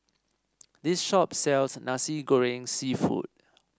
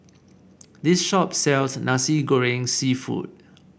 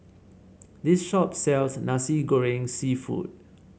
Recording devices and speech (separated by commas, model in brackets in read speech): standing microphone (AKG C214), boundary microphone (BM630), mobile phone (Samsung C7), read sentence